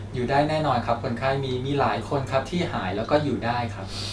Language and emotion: Thai, neutral